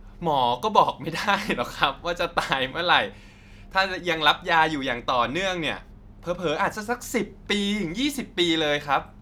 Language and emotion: Thai, happy